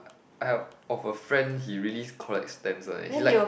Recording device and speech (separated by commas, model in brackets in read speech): boundary microphone, conversation in the same room